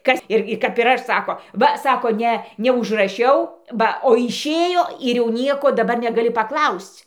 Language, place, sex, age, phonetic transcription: Lithuanian, Dzūkija, female, 60+, ˈkas ˈirgi kap ir ˈaš ˈsako ˈva ˈsako ˈne neužraˈšiau ˈba o išˈėjo ir jau ˈnieko daˈbar negaˈli paˈklausc'

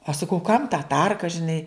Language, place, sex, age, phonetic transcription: Lithuanian, Žemaitija, female, 60+, aš saˈkau kam ta ˈtarka žiˈnai

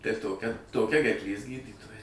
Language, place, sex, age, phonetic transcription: Lithuanian, Suvalkija, male, 60+, tai ˈtokia toˈkia gerkˈlės ˈgydytoja

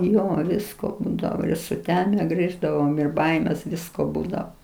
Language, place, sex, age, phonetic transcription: Lithuanian, Aukštaitija, female, 60+, ˈjo ˈvisko ˈbūdavo ir suˈteme ˈgrįždavom ir ˈbaimės ˈvisko ˈbūdao

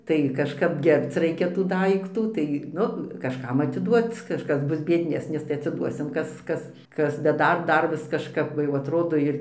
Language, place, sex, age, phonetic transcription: Lithuanian, Dzūkija, female, 60+, tai kažˈkap ˈgerbc ˈraikia tų ˈdaiktų ˈtai ˈnu kažˈkam atiˈduot ˈkažkas ˈbus biedˈnesnis tai atsiˈduosim ˈkas ˈkas ˈkas bet ˈdar ˈdar vis kažˈkap ˈva jau atˈrodo ir

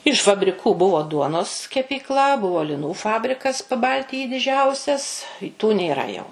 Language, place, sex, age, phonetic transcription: Lithuanian, Suvalkija, female, 60+, iš fabriˈkų ˈbuvo ˈduonos kepykˈla ˈbuvo liˈnų ˈfabrikas paˈbaltijy diˈdžiausias tų nėˈra jau

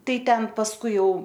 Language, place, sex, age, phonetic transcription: Lithuanian, Aukštaitija, female, 18-60, ˈtai ˈten pasˈkui jau

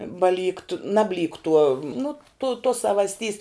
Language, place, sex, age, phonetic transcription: Lithuanian, Žemaitija, female, 18-60, baˈlykt ˈnabˌlykt tuo nu tu tuos savasˌtys

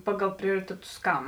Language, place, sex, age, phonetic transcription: Lithuanian, Žemaitija, female, 18-60, ˈpaˌgal ˈprioriteˌtus ˈkam

